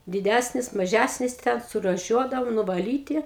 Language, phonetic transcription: Lithuanian, diˈdæsnis maˈžæsnis ten surūˈšiuodavom nuvaˈlyti

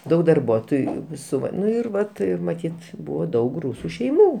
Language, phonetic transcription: Lithuanian, ˈdaug darˈbuotojų ˈsu ˈva ˈnu ir ˈvat ir maˈtyt ˈbuvo ˈdaug ˈrūsu šeiˈmų

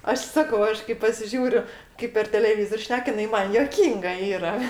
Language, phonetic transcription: Lithuanian, ˈaš ˈsakau ˈaš kai pasiˈžiūriu ˈkaip per teleˈvyzor' ˈšnek jiˈnai ˈman juoˈkynga ˈyra

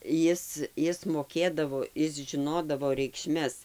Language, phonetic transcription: Lithuanian, ˈjis ˈjis moˈkėdavo ˈis žiˈnodavo reikˈšmes

